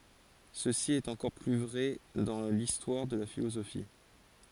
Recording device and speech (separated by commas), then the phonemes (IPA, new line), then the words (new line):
forehead accelerometer, read sentence
səsi ɛt ɑ̃kɔʁ ply vʁɛ dɑ̃ listwaʁ də la filozofi
Ceci est encore plus vrai dans l'histoire de la philosophie.